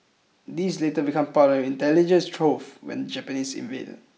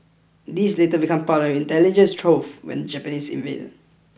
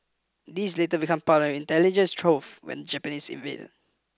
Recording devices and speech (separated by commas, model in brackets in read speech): mobile phone (iPhone 6), boundary microphone (BM630), close-talking microphone (WH20), read sentence